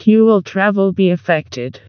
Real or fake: fake